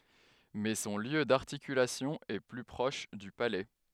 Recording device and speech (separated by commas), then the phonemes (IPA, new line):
headset microphone, read sentence
mɛ sɔ̃ ljø daʁtikylasjɔ̃ ɛ ply pʁɔʃ dy palɛ